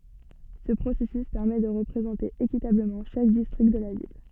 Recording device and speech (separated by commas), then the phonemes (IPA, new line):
soft in-ear microphone, read sentence
sə pʁosɛsys pɛʁmɛ də ʁəpʁezɑ̃te ekitabləmɑ̃ ʃak distʁikt də la vil